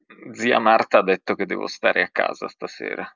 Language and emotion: Italian, sad